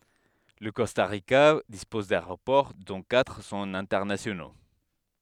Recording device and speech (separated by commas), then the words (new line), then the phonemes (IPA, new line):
headset microphone, read sentence
Le Costa Rica dispose d'aéroports, dont quatre sont internationaux.
lə kɔsta ʁika dispɔz daeʁopɔʁ dɔ̃ katʁ sɔ̃t ɛ̃tɛʁnasjono